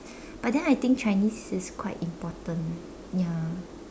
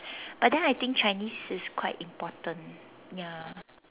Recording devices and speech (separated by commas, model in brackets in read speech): standing microphone, telephone, conversation in separate rooms